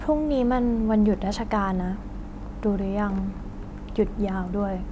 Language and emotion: Thai, frustrated